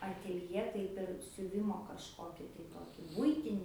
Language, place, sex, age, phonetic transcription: Lithuanian, Aukštaitija, female, 18-60, atėlˈjė ˈtaip ir siuˈvimo kažˈkoki tai ˈtoki ˈbuitini

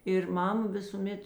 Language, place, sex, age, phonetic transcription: Lithuanian, Žemaitija, female, 60+, ir ˈmam ˈvisūˌmet

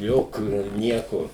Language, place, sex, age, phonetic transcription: Lithuanian, Suvalkija, male, 60+, ˈjokių ir ˈnieko

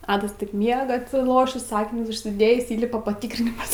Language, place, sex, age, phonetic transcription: Lithuanian, Aukštaitija, female, 18-60, ˈadas taip ˈmiega atsiˈlošįs ˈakinius užsiˈdėjįs ˈįlipa paˈtykrinimas

